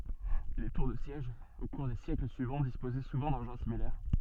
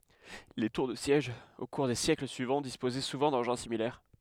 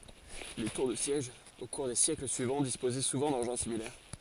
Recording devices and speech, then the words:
soft in-ear microphone, headset microphone, forehead accelerometer, read sentence
Les tours de siège au cours des siècles suivants, disposaient souvent d’engins similaires.

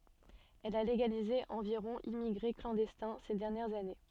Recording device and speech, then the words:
soft in-ear microphone, read sentence
Elle a légalisé environ immigrés clandestins ces dernières années.

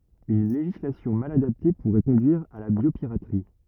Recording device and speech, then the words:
rigid in-ear microphone, read sentence
Une législation mal adaptée pourrait conduire à la biopiraterie.

